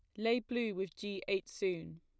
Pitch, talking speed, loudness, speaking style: 195 Hz, 200 wpm, -37 LUFS, plain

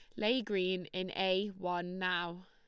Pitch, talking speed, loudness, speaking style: 185 Hz, 160 wpm, -35 LUFS, Lombard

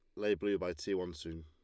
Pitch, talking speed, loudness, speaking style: 90 Hz, 295 wpm, -37 LUFS, Lombard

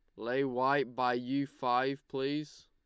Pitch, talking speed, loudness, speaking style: 130 Hz, 145 wpm, -33 LUFS, Lombard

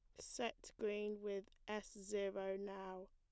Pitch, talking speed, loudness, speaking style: 200 Hz, 125 wpm, -47 LUFS, plain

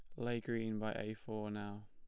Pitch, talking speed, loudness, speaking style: 110 Hz, 215 wpm, -42 LUFS, plain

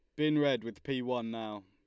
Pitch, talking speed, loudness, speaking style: 125 Hz, 245 wpm, -33 LUFS, Lombard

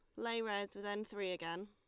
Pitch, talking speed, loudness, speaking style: 205 Hz, 245 wpm, -41 LUFS, Lombard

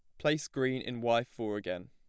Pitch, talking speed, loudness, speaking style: 120 Hz, 215 wpm, -33 LUFS, plain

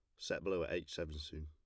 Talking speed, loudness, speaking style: 285 wpm, -42 LUFS, plain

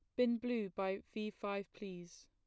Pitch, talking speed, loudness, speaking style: 205 Hz, 175 wpm, -41 LUFS, plain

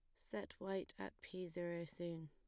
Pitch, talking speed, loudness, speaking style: 175 Hz, 175 wpm, -48 LUFS, plain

